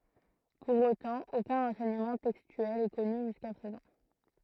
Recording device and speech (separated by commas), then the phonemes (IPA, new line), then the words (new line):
throat microphone, read sentence
puʁ otɑ̃ okœ̃ ʁɑ̃sɛɲəmɑ̃ tɛkstyɛl ɛ kɔny ʒyska pʁezɑ̃
Pour autant, aucun renseignement textuel est connu jusqu'à présent.